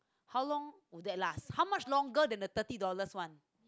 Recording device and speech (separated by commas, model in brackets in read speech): close-talking microphone, conversation in the same room